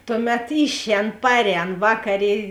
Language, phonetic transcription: Lithuanian, ˈtuˌmet ˈišˌēn ˈparˌēn ˈvakaˌrė

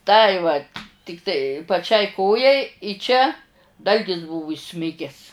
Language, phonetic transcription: Lithuanian, ˈtai vat' ˈtiktai paˈčiai ˈkojai i ˈčia ˈdalgis ˈbūvu įˈsmiges

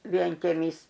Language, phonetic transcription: Lithuanian, vienkeˈmys

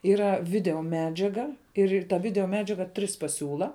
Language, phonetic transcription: Lithuanian, ˈyra ˈvideoˈmedžiaga ir ir ta ˈvideoˈmedžiaga ˈtris paˈsiūla

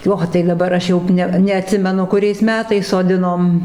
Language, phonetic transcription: Lithuanian, ˈo tai daˈbar ˈaš ˈjau ˈne neaˈtsimenu kuˈriais ˈmetais soˈdinom

